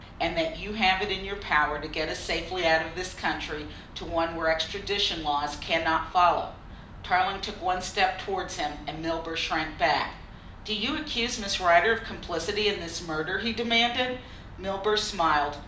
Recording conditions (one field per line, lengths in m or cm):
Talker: one person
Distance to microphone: 2.0 m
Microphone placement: close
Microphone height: 99 cm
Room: medium-sized (5.7 m by 4.0 m)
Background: none